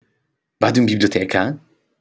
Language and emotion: Italian, surprised